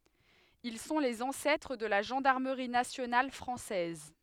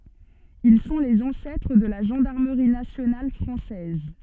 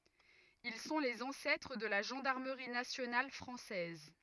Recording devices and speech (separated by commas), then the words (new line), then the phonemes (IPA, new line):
headset microphone, soft in-ear microphone, rigid in-ear microphone, read sentence
Ils sont les ancêtres de la gendarmerie nationale française.
il sɔ̃ lez ɑ̃sɛtʁ də la ʒɑ̃daʁməʁi nasjonal fʁɑ̃sɛz